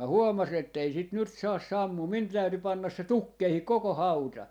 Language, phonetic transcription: Finnish, mä "huomasi'n ‿ettei sìt 'nyt 'saas "sammuu , 'min 'täyty 'pannas se "tukkeihik 'koko "hauta .
- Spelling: minä huomasin että ei sitä nyt saa sammumaan minun täytyi panna se tukkeisiin koko hauta

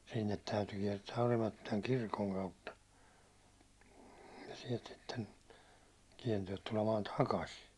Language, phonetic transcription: Finnish, sinnet 'täyty kiɛrtää 'Orimattilaŋ "kirkoŋ kautta , ja siɛlt sitten , 'kiɛrtää tulemaan "takasi .
- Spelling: sinne täytyy kiertää Orimattilan kirkon kautta ja sieltä sitten kiertää tulemaan takaisin

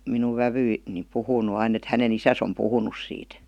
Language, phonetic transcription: Finnish, minuv 'vävyi- , -ni 'puhuu (nu) ain ‿et häne"n ‿isäs om 'puhunus siit .
- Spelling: minun vävy niin puhuu - aina että hänen isänsä on puhunut siitä

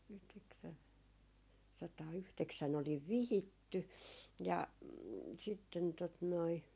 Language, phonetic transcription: Finnish, yhteksäⁿ- , sataa'yhteksän ‿oliv "vihitty , ja , sitten tot noi .
- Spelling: - yhdeksänsataayhdeksän olin vihitty ja sitten tuota noin

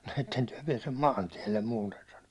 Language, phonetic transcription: Finnish, » no 'etten tyäₒ piɛsem "maantiɛllem muuten « sano .
- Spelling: no ette te pääse maantielle muuten sanoi

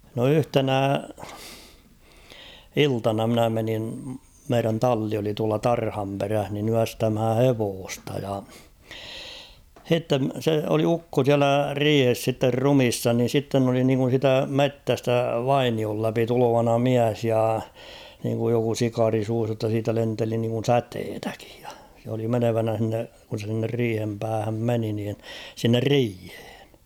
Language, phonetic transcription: Finnish, no "yhtenä , "iltana mnä menin , 'meirän "talli oli tuala "tarhamperäh nin ‿'yästämhä "hevoosta ja , 'h̬itte , se oli 'ukko siälä "riihes sitter "rumissa ni 'sitten ‿oli niŋkun̬ siitä "mettästä "vainiol läpi 'tulo̭vana "miäs ja , niiŋkuj joku 'sikaari suus jotta siitä 'lenteli niŋkun̬ "säteetäkɪᴊ ᴊᴀ , se oli 'menevänä h̬inne , kun̬ se s̬inner 'riihem 'päähäm "meni niin , sinner "riihᴇᴇɴ .
- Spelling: no yhtenä iltana minä menin meidän talli oli tuolla tarhanperässä niin yöstämään hevosta ja sitten se oli ukko siellä riihessä sitten ruumiina niin sitten oli niin kuin siitä metsästä vainion läpi tulevana mies ja niin kuin joku sikari suussa jotta siitä lenteli niin kuin säteitäkin ja se oli menevänä sinne kun se sinne riihen päähän meni niin sinne riiheen

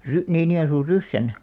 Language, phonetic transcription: Finnish, 'Ry- , 'Niinijo₍e̬nsuur̆ "Ryssän .
- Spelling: - Niinijoensuun Ryssän

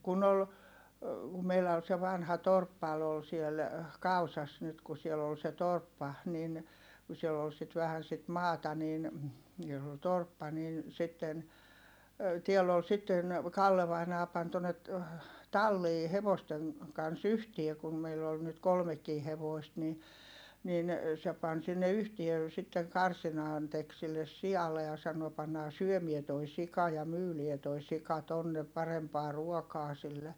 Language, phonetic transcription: Finnish, kun ‿ol , meilä ol se vanha torppal ‿ol siel , Kausas nyt ku siel ‿ol se torppa , nin , ku siell ‿ol sit vähän sit maata niin , jos ‿ol torppa niin sitten , tiɛll ‿ol sitten , Kalle vainaa pan tonnet , tallii hevosteŋ , kans ‿yhtie kum meill ‿ol nyt kolmekkii hevòist ni , nin , se pan sinne yhtie , sitteŋ karsinaan tek silles si₍alle ja sano » pannaa syömie toi sika ja myylie toi sika tonne , parempaa ruokaa sille » .
- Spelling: kun oli meillä oli se vanha torppa oli siellä Kausassa nyt kun siellä oli se torppa niin kun siellä oli sitten vähän sitä maata niin jos oli torppa niin sitten täällä oli sitten Kalle vainaja pani tuonne talliin hevosten kanssa yhteen kun meillä oli nyt kolmekin hevosta niin niin se pani sinne yhteen sitten karsinaan teki sille sialle ja sanoi pannaan syömään tuo sika ja myydään tuo sika tuonne parempaa ruokaa sille

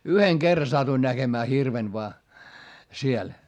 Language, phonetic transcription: Finnish, yheŋ kerra satuin näGemää hirven voa , siel .
- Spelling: yhden kerran satuin näkemään hirven vain siellä

